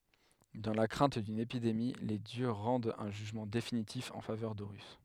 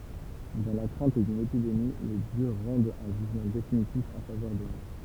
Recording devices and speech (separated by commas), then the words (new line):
headset microphone, temple vibration pickup, read sentence
Dans la crainte d'une épidémie, les dieux rendent un jugement définitif en faveur d'Horus.